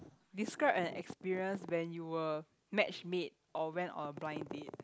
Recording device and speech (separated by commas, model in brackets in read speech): close-talking microphone, conversation in the same room